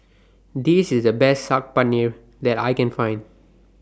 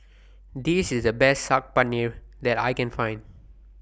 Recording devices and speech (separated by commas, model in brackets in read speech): standing microphone (AKG C214), boundary microphone (BM630), read sentence